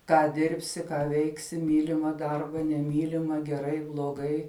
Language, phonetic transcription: Lithuanian, ˈką ˈdirbsi ˈką ˈveiksi ˈmylima ˈdarba neˈmylima geˈrai bloˈgai

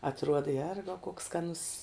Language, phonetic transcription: Lithuanian, atˈruoda ˈjergau koks skaˈnus

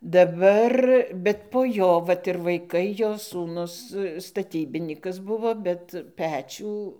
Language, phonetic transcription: Lithuanian, daˈbar bet po ˈjo ˈvat ir vaiˈkai ˈjo sūˈnus staˈtybinykas ˈbuvo bet ˈpečių

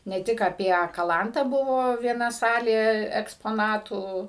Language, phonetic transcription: Lithuanian, ne ˈtik apie kaˈlantą ˈbuvo vieˈna ˈsalė ekspoˈnatų

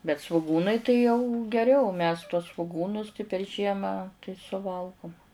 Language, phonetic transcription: Lithuanian, bet svuˈgūnai tai jau geˈriau mes tuos svoˈgūnus per ˈžiemą tai suˈvalgum

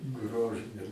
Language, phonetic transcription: Lithuanian, ˈgrožɨne

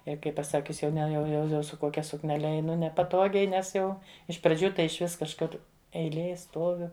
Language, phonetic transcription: Lithuanian, ˈjei kai paˈsakius jau ˈne jau jau ˈjau su ˈkokia sukneˈle eiˈnu nepaˈtogiai ˈnes ˈjau iš praˈdžių ˈtai išˈvis kažˈkur eiˈlėj ˈstuoviu

